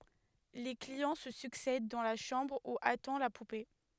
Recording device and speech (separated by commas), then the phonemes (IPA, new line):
headset microphone, read sentence
le kliɑ̃ sə syksɛd dɑ̃ la ʃɑ̃bʁ u atɑ̃ la pupe